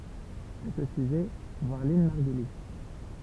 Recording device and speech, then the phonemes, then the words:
temple vibration pickup, read sentence
a sə syʒɛ vwaʁ lɛ̃n maʁɡyli
À ce sujet, voir Lynn Margulis.

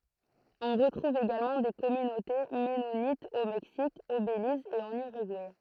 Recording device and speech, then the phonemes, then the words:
throat microphone, read sentence
ɔ̃ ʁətʁuv eɡalmɑ̃ de kɔmynote mɛnonitz o mɛksik o beliz e ɑ̃n yʁyɡuɛ
On retrouve également des communautés mennonites au Mexique, au Belize et en Uruguay.

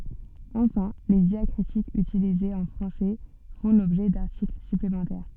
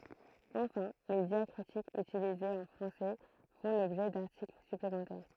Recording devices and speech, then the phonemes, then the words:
soft in-ear microphone, throat microphone, read sentence
ɑ̃fɛ̃ le djakʁitikz ytilizez ɑ̃ fʁɑ̃sɛ fɔ̃ lɔbʒɛ daʁtikl syplemɑ̃tɛʁ
Enfin, les diacritiques utilisés en français font l'objet d'articles supplémentaires.

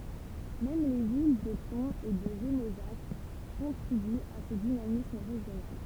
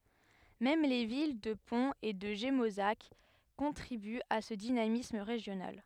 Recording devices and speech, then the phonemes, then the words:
temple vibration pickup, headset microphone, read sentence
mɛm le vil də pɔ̃z e də ʒemozak kɔ̃tʁibyt a sə dinamism ʁeʒjonal
Même les villes de Pons et de Gémozac contribuent à ce dynamisme régional.

